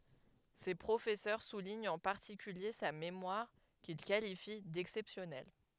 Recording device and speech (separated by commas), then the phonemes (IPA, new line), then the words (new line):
headset microphone, read sentence
se pʁofɛsœʁ suliɲt ɑ̃ paʁtikylje sa memwaʁ kil kalifi dɛksɛpsjɔnɛl
Ses professeurs soulignent en particulier sa mémoire, qu'ils qualifient d'exceptionnelle.